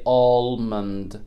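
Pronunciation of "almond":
'Almond' is said here with the L pronounced, which is a mistake. Most native speakers leave the L silent.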